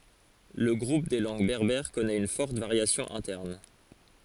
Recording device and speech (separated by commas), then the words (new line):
forehead accelerometer, read sentence
Le groupe des langues berbères connait une forte variation interne.